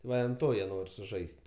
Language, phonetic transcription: Lithuanian, ˈva i an ˈto jie ˈnor' suˈžais't'

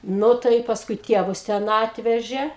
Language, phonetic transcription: Lithuanian, ˈnu tai i pasˈkui ˈtievus ˈten ˈatvežė

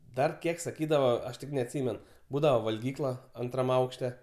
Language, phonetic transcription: Lithuanian, ˈdar ˈkiek saˈkydava ˈaš tik neatˈsymen ˈbūdava valˈgykla ˈantram ˈaukšte

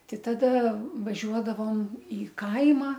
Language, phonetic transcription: Lithuanian, ˈtai taˈda vaˈžiuodavom į ˈkaimą

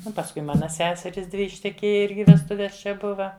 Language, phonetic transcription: Lithuanian, ˈnu pasˈkui ˈmana ˈseserys ˈdvi išteˈkėja ˈirgi vesˈtuves čia ˈbuva

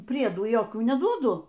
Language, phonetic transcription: Lithuanian, ˈpriedų jokių neˈduodu

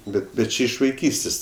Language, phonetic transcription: Lithuanian, ˈbet bet ˈčia iš vaiˈkystės'

